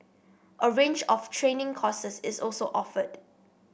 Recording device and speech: boundary microphone (BM630), read sentence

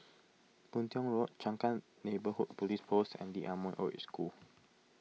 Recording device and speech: mobile phone (iPhone 6), read sentence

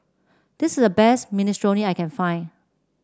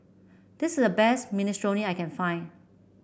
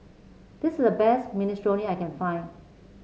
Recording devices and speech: standing microphone (AKG C214), boundary microphone (BM630), mobile phone (Samsung C7), read sentence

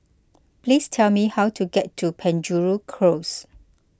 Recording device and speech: close-talking microphone (WH20), read sentence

